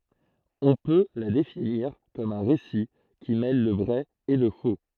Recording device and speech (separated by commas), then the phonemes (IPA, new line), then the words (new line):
throat microphone, read sentence
ɔ̃ pø la definiʁ kɔm œ̃ ʁesi ki mɛl lə vʁɛ e lə fo
On peut la définir comme un récit qui mêle le vrai et le faux.